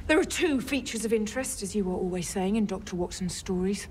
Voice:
deep voice